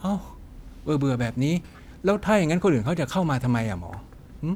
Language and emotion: Thai, frustrated